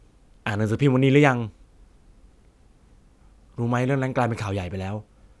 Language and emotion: Thai, neutral